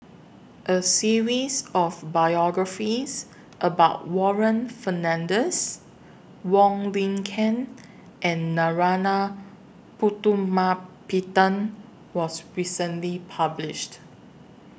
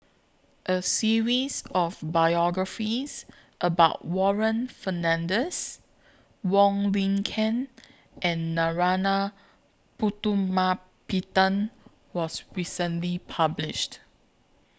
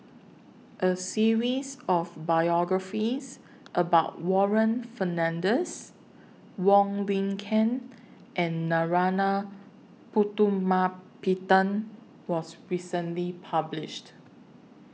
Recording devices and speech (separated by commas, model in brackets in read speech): boundary microphone (BM630), close-talking microphone (WH20), mobile phone (iPhone 6), read sentence